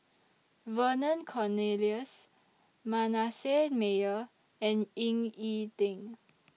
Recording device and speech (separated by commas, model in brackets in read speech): mobile phone (iPhone 6), read sentence